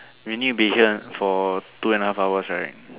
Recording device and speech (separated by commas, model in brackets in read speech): telephone, conversation in separate rooms